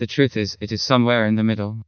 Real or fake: fake